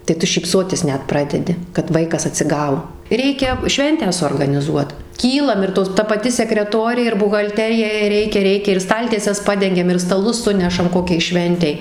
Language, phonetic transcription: Lithuanian, tai ˈtu šypˈsotis ˈnet ˈpradedi kad ˈvaikas atsiˈgau ˈreikia ˈšventę suorganiˈzuot ˈkylam ir ˈtos ˈta paˈti sekreˈtorė ir buhalˈterija jei ˈreikia ˈreikia ir ˈstaltieses ˈpadengiam ir staˈlus ˈsunešam ˈkokiai ˈšventei

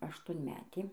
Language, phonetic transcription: Lithuanian, aštuonˈmetė

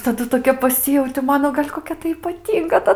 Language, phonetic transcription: Lithuanian, taˈdu toˈkia paˈsijauti ˈmano gal' koˈkia tai ypaˈtynga ta

